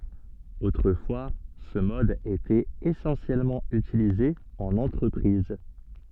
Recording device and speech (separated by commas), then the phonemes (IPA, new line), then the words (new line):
soft in-ear microphone, read sentence
otʁəfwa sə mɔd etɛt esɑ̃sjɛlmɑ̃ ytilize ɑ̃n ɑ̃tʁəpʁiz
Autrefois ce mode était essentiellement utilisé en entreprise.